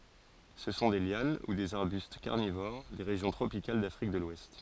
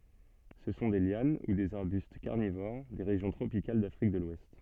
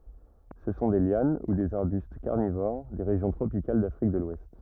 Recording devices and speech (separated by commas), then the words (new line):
forehead accelerometer, soft in-ear microphone, rigid in-ear microphone, read sentence
Ce sont des lianes ou des arbustes carnivores, des régions tropicales d'Afrique de l'Ouest.